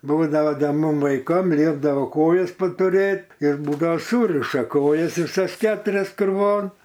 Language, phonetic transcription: Lithuanian, ˈbūdavo ˈda ˈmum vaiˈkam ˈliepdavo ˈkojas patuˈrėt ir ˈbūdao ˈsūriša ˈkojas viˈsas ˈketurias kruˈvon

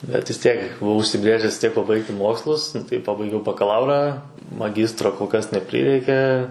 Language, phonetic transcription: Lithuanian, bet vis ˈtiek buˈvau užsiˈbrėžes vis ˈtiek paˈbaigti ˈmokslus nu ˈtai ˈpabaigiau bakaˈlaurą maˈgistro kol ˈkas neˈprireikė

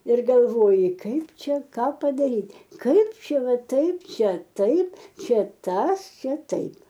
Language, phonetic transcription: Lithuanian, ir galˈvoji ˈkaip ˈčia ˈką padaˈryt' ˈkaip ˈčia ˈva ˈtaip ˈčia ˈtaip ˈčia ˈtas ˈčia ˈtaip

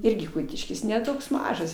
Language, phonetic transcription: Lithuanian, ˈirgi ˈkutiškis ne ˈtoks ˈmažas

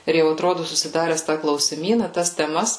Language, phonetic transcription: Lithuanian, ir jau atˈrodu susiˈdares tą klausiˈmyna tas teˈmas

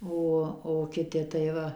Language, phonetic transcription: Lithuanian, ˈo o kiˈti tai ˈva

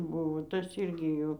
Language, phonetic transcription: Lithuanian, ˈbuvo ˈtas ˈyrgi ˈjų

